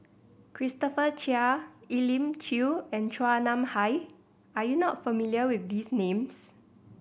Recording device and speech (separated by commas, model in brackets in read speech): boundary microphone (BM630), read sentence